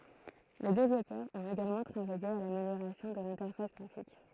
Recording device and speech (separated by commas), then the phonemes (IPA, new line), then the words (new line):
throat microphone, read sentence
le devlɔpœʁz ɔ̃t eɡalmɑ̃ tʁavaje a lameljoʁasjɔ̃ də lɛ̃tɛʁfas ɡʁafik
Les développeurs ont également travaillé à l'amélioration de l'interface graphique.